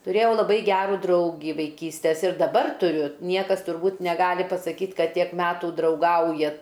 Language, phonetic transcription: Lithuanian, tuˈrėjau laˈbai ˈgerų ˈdraugį vaiˈkystes ir daˈbar tuˈriu ˈniekas turˈbūt neˈgali pasaˈkyt ˈkad ˈtiek ˈmetų drauˈgauja

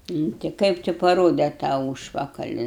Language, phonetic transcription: Lithuanian, nu ˈti ˈkaip ti paˈrode tą ˈūžpakali

